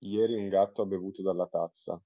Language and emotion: Italian, neutral